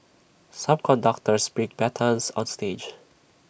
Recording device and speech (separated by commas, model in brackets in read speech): boundary microphone (BM630), read sentence